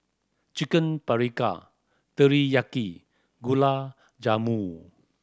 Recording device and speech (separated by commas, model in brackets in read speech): standing microphone (AKG C214), read sentence